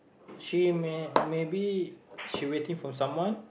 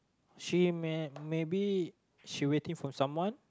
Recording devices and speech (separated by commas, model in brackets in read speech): boundary microphone, close-talking microphone, conversation in the same room